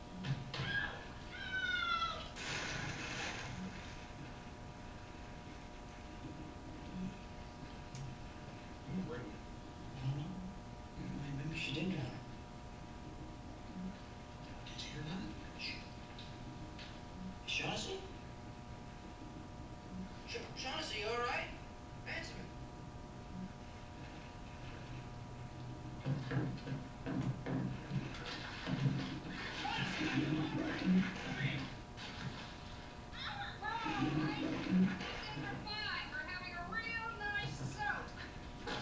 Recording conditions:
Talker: no one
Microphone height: 99 cm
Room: medium-sized (5.7 m by 4.0 m)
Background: television

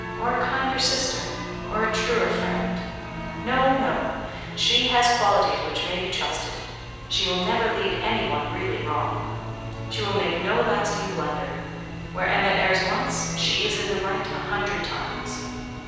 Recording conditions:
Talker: one person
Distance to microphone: 7.1 m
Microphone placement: far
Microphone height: 1.7 m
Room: very reverberant, large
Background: music

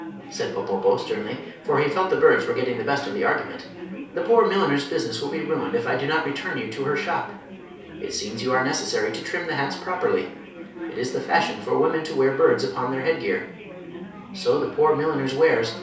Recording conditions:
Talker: one person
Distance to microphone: 3.0 m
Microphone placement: far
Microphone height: 1.8 m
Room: small (3.7 m by 2.7 m)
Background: babble

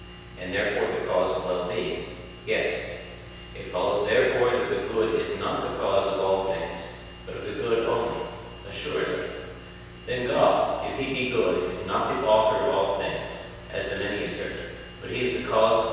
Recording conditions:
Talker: one person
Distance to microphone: 7.1 m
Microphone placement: far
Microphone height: 1.7 m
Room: very reverberant, large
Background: none

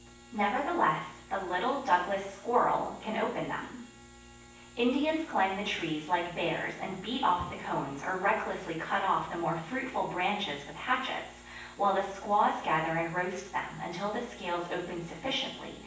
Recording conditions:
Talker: one person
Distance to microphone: 9.8 m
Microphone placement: far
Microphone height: 1.8 m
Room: large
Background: none

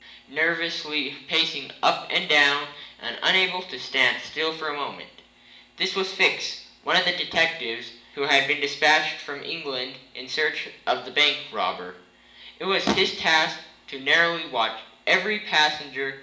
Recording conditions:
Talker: one person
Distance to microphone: 1.8 m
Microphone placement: close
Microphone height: 1.0 m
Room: large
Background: none

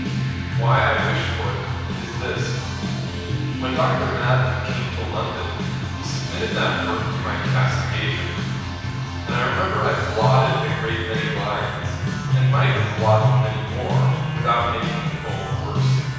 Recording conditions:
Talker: one person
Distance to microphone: 7.1 m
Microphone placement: far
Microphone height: 1.7 m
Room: very reverberant, large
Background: music

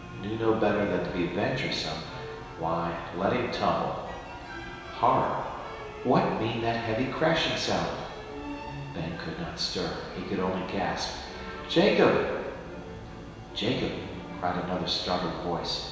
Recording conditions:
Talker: one person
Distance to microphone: 1.7 m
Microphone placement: close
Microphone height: 1.0 m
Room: very reverberant, large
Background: music

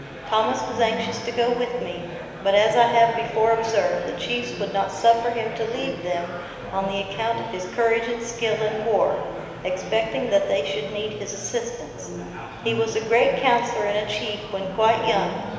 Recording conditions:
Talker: one person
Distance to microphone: 1.7 m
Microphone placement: close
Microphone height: 1.0 m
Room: very reverberant, large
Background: babble

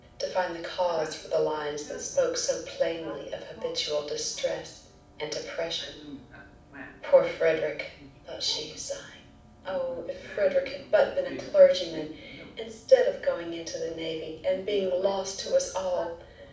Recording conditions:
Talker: one person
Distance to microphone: 5.8 m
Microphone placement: far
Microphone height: 1.8 m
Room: medium-sized (5.7 m by 4.0 m)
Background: television

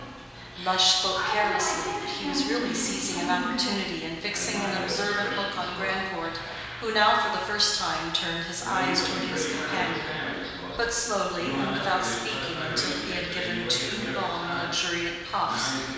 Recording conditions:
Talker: one person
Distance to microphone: 1.7 m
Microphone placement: close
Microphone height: 1.0 m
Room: very reverberant, large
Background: television

